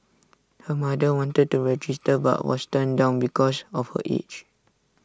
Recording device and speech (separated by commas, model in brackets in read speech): standing microphone (AKG C214), read sentence